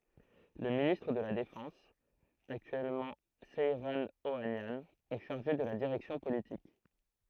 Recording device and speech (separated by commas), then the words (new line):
throat microphone, read sentence
Le ministre de la Défense, actuellement Seyran Ohanian, est chargé de la direction politique.